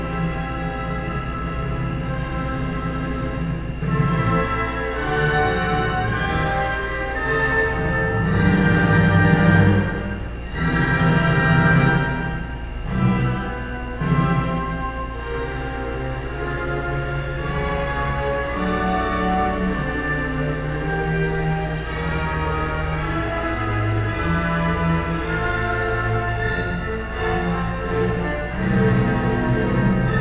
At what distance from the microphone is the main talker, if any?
No main talker.